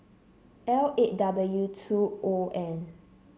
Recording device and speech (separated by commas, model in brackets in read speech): mobile phone (Samsung C7), read sentence